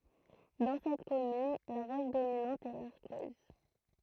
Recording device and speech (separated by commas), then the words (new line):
throat microphone, read sentence
Dans cette commune, la roche dominante est l'arkose.